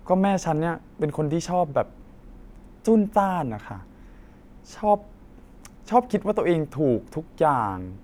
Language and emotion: Thai, frustrated